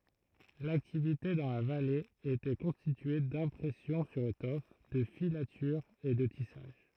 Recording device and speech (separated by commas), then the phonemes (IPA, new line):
throat microphone, read sentence
laktivite dɑ̃ la vale etɛ kɔ̃stitye dɛ̃pʁɛsjɔ̃ syʁ etɔf də filatyʁz e də tisaʒ